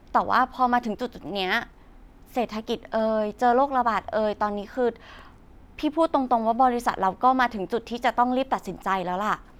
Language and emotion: Thai, frustrated